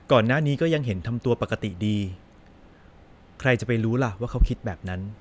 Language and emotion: Thai, neutral